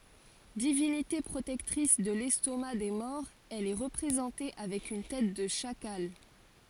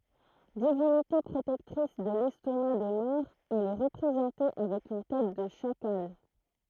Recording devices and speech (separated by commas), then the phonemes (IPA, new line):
forehead accelerometer, throat microphone, read sentence
divinite pʁotɛktʁis də lɛstoma de mɔʁz ɛl ɛ ʁəpʁezɑ̃te avɛk yn tɛt də ʃakal